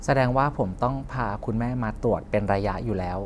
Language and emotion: Thai, neutral